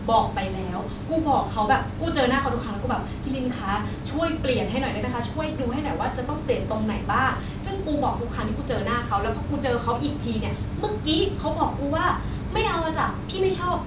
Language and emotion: Thai, frustrated